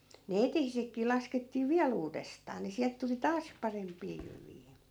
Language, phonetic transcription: Finnish, ne 'etehisekkii 'laskettii "viäl ‿uudestaa ni 'siält tuli "taas 'paremp̀ii jyvii .
- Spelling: ne eteisetkin laskettiin vielä uudestaan niin sieltä tuli taas parempia jyviä

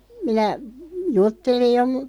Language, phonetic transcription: Finnish, minä , 'juttelij jo mu- ,.
- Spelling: minä juttelin jo -

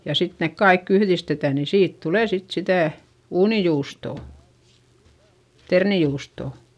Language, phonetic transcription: Finnish, ja sit nek kaikk ‿yhδistetä ni siit tulè sit sitä̀ , uunijuustò , ternijuustò .
- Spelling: ja sitten ne kaikki yhdistetään niin siitä tulee sitten sitä uunijuustoa ternijuustoa

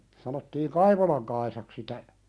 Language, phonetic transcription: Finnish, sanottiiŋ "Kaivolaŋ Kaisak sitä ,.
- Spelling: sanottiin Kaivolan Kaisaksi sitä

